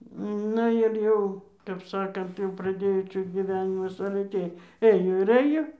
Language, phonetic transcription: Lithuanian, ˈnu ir ˈjau kap ˈsakant jau praˈdėjo ˈčia gyˈvenimas ale ˈtėj ˈɘjo ir ˈɘjo

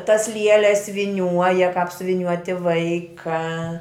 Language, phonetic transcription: Lithuanian, tas ˈlieles viˈniuoja kap siuviˈniuoti ˈvaika

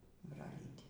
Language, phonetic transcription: Lithuanian, braˈlyti

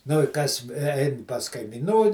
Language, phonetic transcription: Lithuanian, nu i ˈkas ˈein pas kaimiˈnų

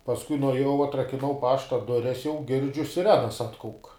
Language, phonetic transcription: Lithuanian, pasˈkui nuaˈjau atrakiˈnau ˈpašta ˈdures jau ˈgirdžiu siˈrenas ˈatkauk

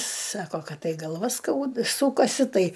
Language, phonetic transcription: Lithuanian, ˈsako ˈkad ˈtai galˈva ˈskaud ˈsūkasi ˈtai

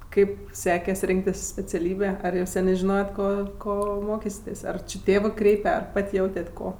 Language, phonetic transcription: Lithuanian, ˈkaip ˈsekes ˈrinktis speciaˈlybė ˈar jau ˈsenė žiˈnojet ˈko ko ˈmokysitės' ar či ˈtėvɜ ˈkreipe ar ˈpat' ˈjautet' ˈko

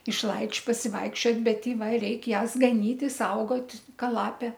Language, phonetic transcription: Lithuanian, išˈlaidž' pasiˈvaikščiot' bet i ˈva ˈreik' ˈjąs gaˈnyti i ˈsaugot' ˈka ˈlapė

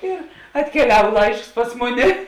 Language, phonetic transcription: Lithuanian, ir atkeˈliav ˈlaišks ˈpas muˌni

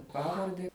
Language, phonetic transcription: Lithuanian, ˈpavarde

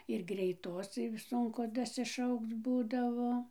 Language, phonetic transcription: Lithuanian, ir greiˈtos ˈsunku dasiˈšaukc ˈbūdavo

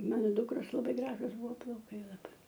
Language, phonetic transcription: Lithuanian, ˈmano ˈdukros laˈbai ˈgražus ˈbuvo plauˈkai laˈbai

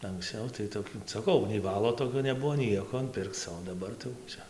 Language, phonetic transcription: Lithuanian, anksˈcau tai toˈkių saˈkau nei ˈvalo toˈkio neˈbuvo ˈnieko ˈpirkc o daˈbar tai jau ˈčia

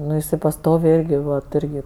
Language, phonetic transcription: Lithuanian, ˈnu iˈsai pasˈtoviai ˈirgi vat ˈirgi

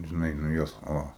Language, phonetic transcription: Lithuanian, žiˈnai nu ˈjos ˈo

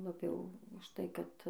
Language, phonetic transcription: Lithuanian, laˈbiau už ˈtai ˈkad

